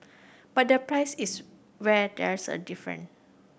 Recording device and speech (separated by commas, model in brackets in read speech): boundary microphone (BM630), read sentence